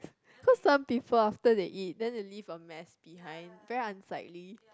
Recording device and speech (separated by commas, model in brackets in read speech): close-talking microphone, conversation in the same room